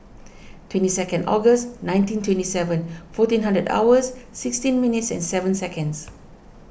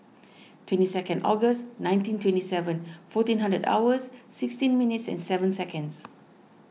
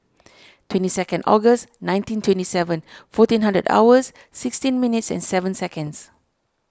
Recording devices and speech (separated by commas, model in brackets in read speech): boundary microphone (BM630), mobile phone (iPhone 6), standing microphone (AKG C214), read sentence